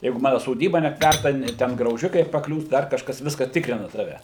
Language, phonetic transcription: Lithuanian, ˈjeigu ˈmanu soˈdyba nepˈtværta ˈten grauˈžikai paˈkliūs ˈdar kažˈkas ˈviska ˈtikrina ˈtave

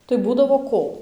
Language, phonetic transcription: Lithuanian, tai ˈbūdavo ˈko

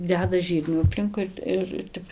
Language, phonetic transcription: Lithuanian, ˈdeda ˈžyrnių apˈlinkui ir ˈtep

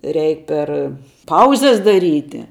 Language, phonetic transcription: Lithuanian, ˈreik ˈper ˈpauzes daˈryti

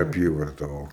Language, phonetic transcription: Lithuanian, aˈpyvarta o

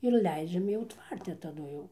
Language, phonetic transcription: Lithuanian, ir ˈleidžiam jau ˈtvarte taˈdu jau

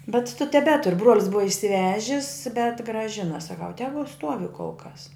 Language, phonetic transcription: Lithuanian, bet tu teˈbetur bruol's ˈbuva išsiˈvežis bet grąˈžina saˈkau ˈtegu ˈstuovi kol kas

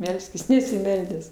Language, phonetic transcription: Lithuanian, ˈmelskis nesiˈmeldęs

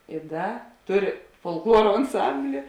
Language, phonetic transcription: Lithuanian, i ˈda ˈtuˌri folkˈluoro anˈsambli

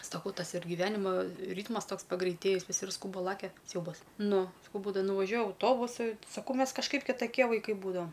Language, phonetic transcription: Lithuanian, saˈkau ˈtas ir giˈvenimo ˈrytmas ˈtoks pagreitėˈjis viˈsi ir ˈskūba ˈlakia ˈsiaubas ˈnu saˈkau ˈbūdava nuvaˈžiuoja auˈtobusai saˈkau ˈmes kažˈkaip kitaˈkie vaiˈkai ˈbūdavam

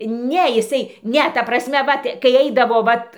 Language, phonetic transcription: Lithuanian, ˈne iˈsai ˈne ˈta prasˈme ˈvat kai ˈeidavo ˈvat

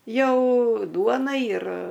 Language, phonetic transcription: Lithuanian, ˈjau ˈduona ir

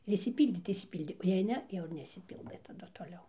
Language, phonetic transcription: Lithuanian, ir išsiˈpyldė tai išsiˈpyldė o jei ˈne ˈjau ir neišsiˈpyldɘ taˈdu toˈliau

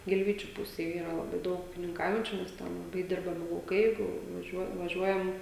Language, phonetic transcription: Lithuanian, gilˈvyčiu ˈpusėj ˈyra laˈbai ˈdaug ūkininˈkaujančiu nes ˈten laˈbai ˈdirbami lauˈkai ˈjeigu vaˈžiuo vaˈžiuojam

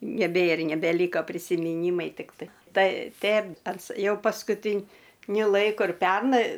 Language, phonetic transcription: Lithuanian, neˈbėr nebeˈlyka prisimiˈnymai ˈtiktai ˈtai ˈten ˈans ˈjau paskuˈtiniu ˈlaiku ir ˈpernai

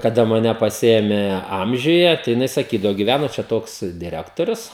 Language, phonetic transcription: Lithuanian, kaˈda maˈne paˈsiėmė ˈamžiuje tai jiˈnai saˈkydavo giˈvæno čia ˈtoks diˈrektorius

